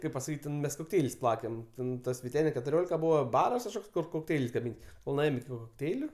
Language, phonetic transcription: Lithuanian, ˈkaip pasaˈkyt' ˈten mes kokˈteil's' ˈplakem ˈten ˈtas viˈtene ketuˈriolika ˈbūva ˈbaras kažˈkoks kur kokˈteil's' gaˈmyn kol nuˈėjom iki kokˈteiliu

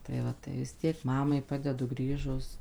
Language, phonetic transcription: Lithuanian, tai ˈva tai vis ˈtiek ˈmamai ˈpadedu ˈgrįžus

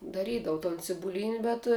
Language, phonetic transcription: Lithuanian, daˈrydavu ton cibuˈlyni bet

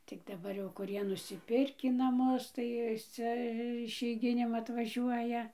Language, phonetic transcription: Lithuanian, tik daˈbar jau kuˈrie nusiˈpirkį naˈmus tai ˈcia išeiˈginėm atvaˈžiuoja

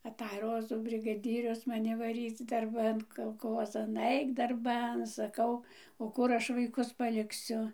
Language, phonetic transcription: Lithuanian, aˈtaj ˈrozų brigaˈdyrius maˈni vaˈryc darˈban kalˈkozan ˈaik darˈban saˈkau o ˈkur ˈaš vaiˈkus palikˈsiu

